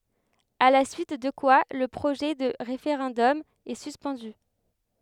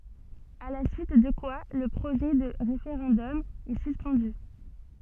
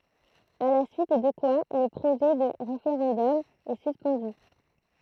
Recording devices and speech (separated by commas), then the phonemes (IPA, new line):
headset microphone, soft in-ear microphone, throat microphone, read sentence
a la syit də kwa lə pʁoʒɛ də ʁefeʁɑ̃dɔm ɛ syspɑ̃dy